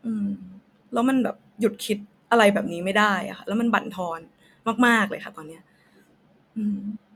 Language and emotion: Thai, frustrated